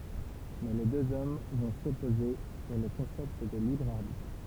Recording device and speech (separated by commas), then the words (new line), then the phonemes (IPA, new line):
temple vibration pickup, read sentence
Mais les deux hommes vont s’opposer sur le concept de libre arbitre.
mɛ le døz ɔm vɔ̃ sɔpoze syʁ lə kɔ̃sɛpt də libʁ aʁbitʁ